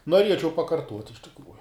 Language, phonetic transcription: Lithuanian, noˈriečiau pakarˈtuot' iš tikˈrųju

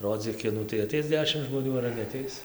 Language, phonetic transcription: Lithuanian, ˈrodzyk ˈkinų tai aˈteis ˈdešim žmoˈnių ar neaˈteis

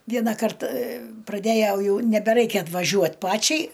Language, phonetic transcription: Lithuanian, ˈvienakart praˈdejau ˈjau nebeˈraikia atvaˈžiuot ˈpačiai

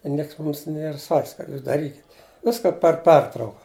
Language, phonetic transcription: Lithuanian, i ˈnieks ˈmumsˈ nier sak's' kad ˈjūs daˈrykit' ˈviska per ˈpertrauka

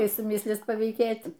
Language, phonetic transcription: Lithuanian, ˈkai suˈmislys pavyˈkėt'

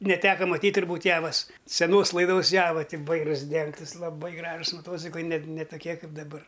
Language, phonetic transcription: Lithuanian, neˈteka maˈtyt' turˈbūt' ˈjavas seˈnos laiˈdos ˈjava ti ˈvairus ˈdengtɨs laˈbai ˈgražus maˈtociklai ne t ne toˈkie ˈkaip daˈbar

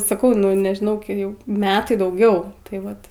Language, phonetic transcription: Lithuanian, saˈkau ˈnu nežiˈnau ˈjau ˈmetai dauˈgiau tai ˈvat

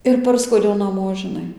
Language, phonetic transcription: Lithuanian, ir ˈparskuodiau naˈmo žiˈnai

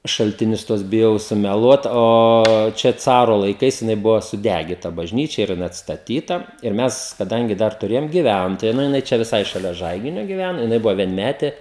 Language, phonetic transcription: Lithuanian, šaltiˈnius ˈtuos biˈjau sumeˈluot o ˈčia ˈcaro laiˈkais jiˈnai ˈbuvo suˈdægita bažˈnyčia ir jiˈnai atstaˈtyta ir ˈmes kaˈdangi ˈdar tuˈrėjom giˈvæntoja nu jiˈnai ˈčia viˈsai šaˈlia ˈžaiginio giˈvæno jiˈnai ˈbuvo vienˈmetė

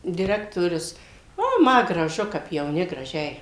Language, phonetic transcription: Lithuanian, diˈrektorius o ˈma graˈžu kap jauˈni graˈžiai

